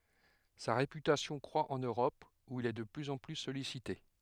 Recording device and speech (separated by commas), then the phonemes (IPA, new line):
headset microphone, read sentence
sa ʁepytasjɔ̃ kʁwa ɑ̃n øʁɔp u il ɛ də plyz ɑ̃ ply sɔlisite